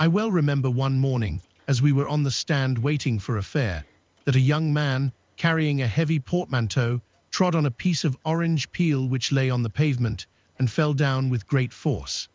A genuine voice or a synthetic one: synthetic